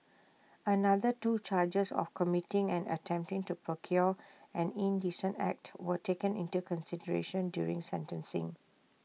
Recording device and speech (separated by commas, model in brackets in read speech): mobile phone (iPhone 6), read sentence